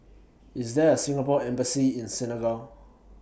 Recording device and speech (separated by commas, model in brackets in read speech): boundary microphone (BM630), read sentence